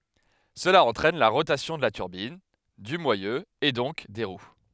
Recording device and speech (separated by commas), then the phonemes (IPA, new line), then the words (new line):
headset microphone, read sentence
səla ɑ̃tʁɛn la ʁotasjɔ̃ də la tyʁbin dy mwajø e dɔ̃k de ʁw
Cela entraîne la rotation de la turbine, du moyeu et donc des roues.